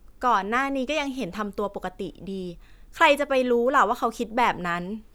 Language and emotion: Thai, frustrated